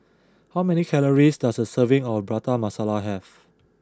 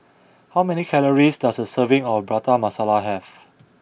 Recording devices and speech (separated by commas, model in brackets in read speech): close-talking microphone (WH20), boundary microphone (BM630), read sentence